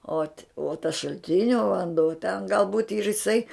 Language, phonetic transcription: Lithuanian, ot uo tas šalˈtinio vanˈduo ten gal būt' i ir iˈsai

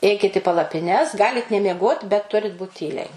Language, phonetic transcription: Lithuanian, ˈeikit i palapiˈnes ˈgalit nemieˈgot bet ˈturit būt ˈtyliai

